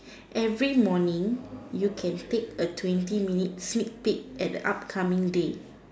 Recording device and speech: standing microphone, conversation in separate rooms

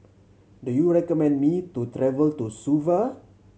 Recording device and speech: mobile phone (Samsung C7100), read sentence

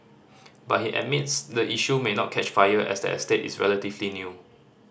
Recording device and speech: standing microphone (AKG C214), read sentence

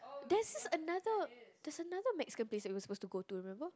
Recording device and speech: close-talking microphone, conversation in the same room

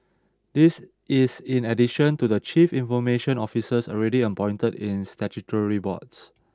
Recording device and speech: standing microphone (AKG C214), read sentence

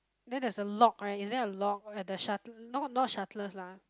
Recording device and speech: close-talking microphone, conversation in the same room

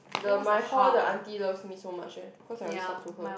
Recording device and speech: boundary microphone, conversation in the same room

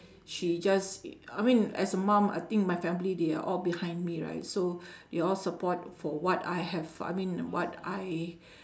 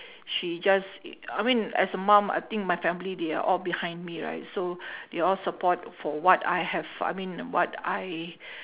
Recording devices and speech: standing microphone, telephone, conversation in separate rooms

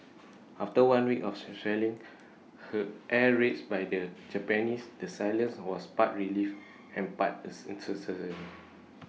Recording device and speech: mobile phone (iPhone 6), read sentence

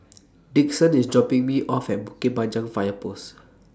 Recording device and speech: standing microphone (AKG C214), read sentence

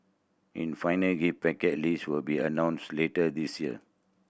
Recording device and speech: boundary microphone (BM630), read sentence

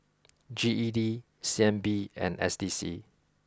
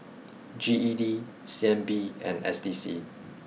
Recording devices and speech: close-talking microphone (WH20), mobile phone (iPhone 6), read sentence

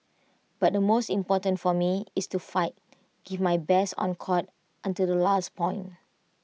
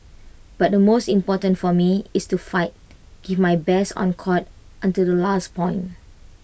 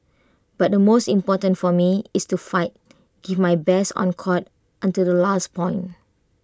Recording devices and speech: mobile phone (iPhone 6), boundary microphone (BM630), close-talking microphone (WH20), read sentence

